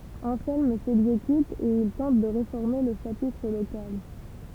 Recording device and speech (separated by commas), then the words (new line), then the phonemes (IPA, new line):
temple vibration pickup, read sentence
Anselme s'exécute et il tente de réformer le chapitre local.
ɑ̃sɛlm sɛɡzekyt e il tɑ̃t də ʁefɔʁme lə ʃapitʁ lokal